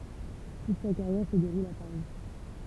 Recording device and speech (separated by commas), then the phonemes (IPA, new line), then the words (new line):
temple vibration pickup, read sentence
tut sa kaʁjɛʁ sə deʁul a paʁi
Toute sa carrière se déroule à Paris.